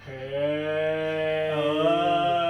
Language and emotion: Thai, happy